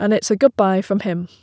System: none